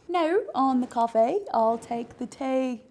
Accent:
Australian accent